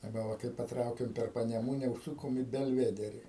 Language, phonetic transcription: Lithuanian, aˈba ˈva kai paˈtraukiam per paneˈmūne užˈsukom į belˈvederi

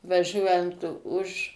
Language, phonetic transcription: Lithuanian, vaˈžiuojant už

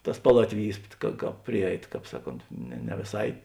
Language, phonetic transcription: Lithuanian, ˈtas ˈpalatviˌjys ka ˈkāp ˈpriˌjeit ˈkāp ˈsaˌkont ne ne vėˈsai

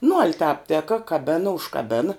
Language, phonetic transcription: Lithuanian, nu al' tāp ˈteka kaˈbena užkaˈbena

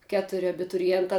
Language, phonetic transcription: Lithuanian, ˈketuri abituriˈjentā

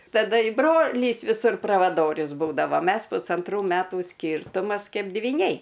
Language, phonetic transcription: Lithuanian, taˈda i ˈbrolys viˈsur pravaˈdorius ˈbūdava ˈmes pusanˈtrų ˈmetų ˈskyrtumas ˈkeip dvyˈniai

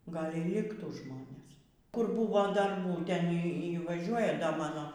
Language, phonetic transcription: Lithuanian, ˈgal y ˈliktų ˈžmonės ˈkur ˈbūvo darˈbų ˈten ˈy ˈy vaˈžiuoja da ˈmano

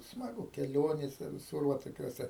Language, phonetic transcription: Lithuanian, smaˈgu keˈlionėse viˈsur va toˈkiuose

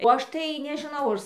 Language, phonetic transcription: Lithuanian, o ˈaš tai nežɨˈnau ar

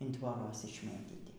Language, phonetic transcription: Lithuanian, in tvoˈras išˈmėtyti

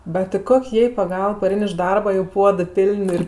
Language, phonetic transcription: Lithuanian, bet ti ˈkok' ˈjai paˈgalb paˈrein iš ˈdarba jo ˈpuodɜ ˈpil'n' ir

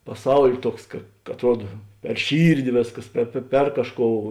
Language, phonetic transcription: Lithuanian, paˈsaul' ˈtuoks ka atˈruoda per ˈšyrdi ˈvėsˌkas ˈper pe per ˈkažˌkou

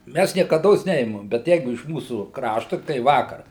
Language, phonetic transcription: Lithuanian, ˈmæs niekaˈdos ˈneimam bet ˈjeigu iš ˈmūsų ˈkraštu tai ˈvakar

